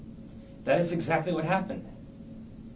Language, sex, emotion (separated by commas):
English, male, neutral